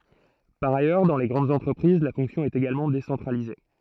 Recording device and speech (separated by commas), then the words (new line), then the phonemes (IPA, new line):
throat microphone, read sentence
Par ailleurs, dans les grandes entreprises, la fonction est également décentralisée.
paʁ ajœʁ dɑ̃ le ɡʁɑ̃dz ɑ̃tʁəpʁiz la fɔ̃ksjɔ̃ ɛt eɡalmɑ̃ desɑ̃tʁalize